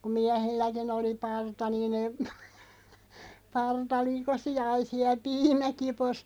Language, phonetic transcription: Finnish, kuᵐ 'miähilläkin ‿oli "parta niin ‿em- , 'parta 'likosi ja (oli) 'siäˡ "piimä'kipos ,.
- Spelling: kun miehilläkin oli parta niin - parta likosi ja oli siellä piimäkipossa

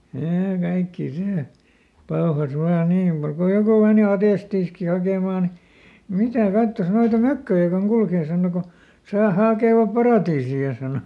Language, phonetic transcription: Finnish, (ja) ˈkaikkii ˈsè , "paohas ˈvaa ˈnii muk ko "joku mèni ˈatestiiski hakèmà ni , » ˈmitä̀ "kattos ˈnoita "mökköjä koŋ ˈkulkee » saano ko , » tᵒsà ˈhàkèvap ˈparàtiisi₍a » sàno .
- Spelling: ja kaikkia se pauhasi vain niin mutta kun joku meni atestiakin hakemaan niin mitä katsos noita mökköjä kun kulkee sanoi kun tuossa hakevat paratiisia sanoi

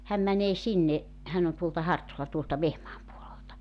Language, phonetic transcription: Finnish, 'häm mänee "sinne , 'hän ‿on tuolta "Hartola tuolta 'Vehmaam puolelta .
- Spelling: hän menee sinne hän on tuolta Hartolan tuolta Vehmaan puolelta

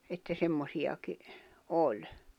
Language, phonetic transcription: Finnish, että 'semmosiʲaki , 'oĺ .
- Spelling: että semmoisiakin oli

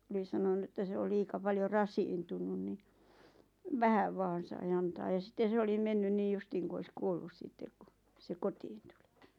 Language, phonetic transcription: Finnish, 'oli sanonu että se o 'liika paljo "rasiintunun ni , "vähäv 'vaan sai 'antaa ja 'sitten̬ se olim 'mennyn 'niij 'justiiŋ ku ois "kuollus 'sitteᵏ ku , se "kotiin tᴜʟɪ .
- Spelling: oli sanonut että se on liian paljon rasittunut niin vähän vain sai antaa ja sitten se oli mennyt niin justiin kuin olisi kuollut sitten kun se kotiin tuli

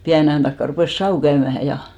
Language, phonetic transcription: Finnish, 'piäne aʲan takka rupès "sa₍u 'käymähä ja .
- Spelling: pienen ajan takaa rupesi savu käymään ja

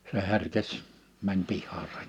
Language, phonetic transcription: Finnish, se 'herkes , mäń 'pihhaasa .
- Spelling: se herkesi meni pihaansa

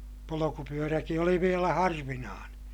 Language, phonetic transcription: Finnish, polokupyöräki oli vielä harvinaaneè .
- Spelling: polkupyöräkin oli vielä harvinainen

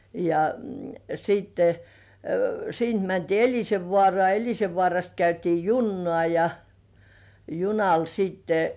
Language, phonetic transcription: Finnish, ja siitte , 'siint mäntii "Eĺisevvŏàrŏà , "Eĺisevvŏàrast 'käytii "junnŏà ja , 'junal siitte ,.
- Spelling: ja sitten siitä mentiin Elisenvaaraan Elisenvaarasta käytiin junaan ja junalla sitten

